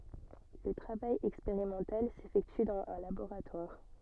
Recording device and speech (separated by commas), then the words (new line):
soft in-ear microphone, read sentence
Le travail expérimental s'effectue dans un laboratoire.